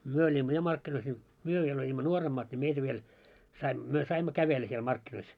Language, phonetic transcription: Finnish, myö oĺimmo 'ja 'markkinois ńi , "myö viel oĺimmo "nuoremmaat ńi 'meitä viel , sai , myö 'saimmo "kävellä siel 'markkinois .
- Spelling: me olimme ja markkinoissa niin me vielä olimme nuoremmat niin meitä vielä sai me saimme kävellä siellä markkinoissa

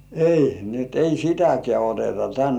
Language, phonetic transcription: Finnish, » "ei , ni et ei "sitäkĕä̀ oteta 'tän « .
- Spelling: ei niin että ei sitäkään oteta tänne

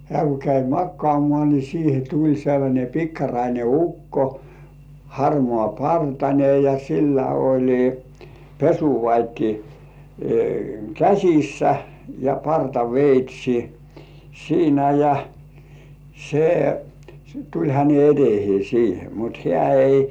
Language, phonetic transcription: Finnish, 'hĕä̀ ku käi "makkŏàmŏà ni siihe 'tuĺ sellańe 'pikkaraine "ukko , 'harmŏà"partańe ja sillä 'oĺi , "pesuvat́i , "käśissä , ja 'parta"veit́̀śi "siinä ja , se tuĺ häne etehĭè siihe mut 'hĕä̀§ ei .
- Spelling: hän kun kävi makaamaan niin siihen tuli sellainen pikkarainen ukko harmaapartainen ja sillä oli pesuvati käsissä ja partaveitsi siinä ja se tuli hänen eteensä siihen mutta hän ei

